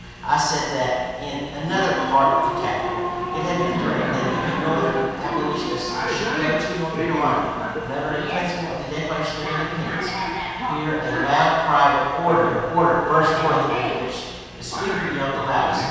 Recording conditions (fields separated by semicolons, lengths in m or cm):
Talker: one person; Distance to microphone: 7.1 m; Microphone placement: far; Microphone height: 1.7 m; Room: very reverberant, large; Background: television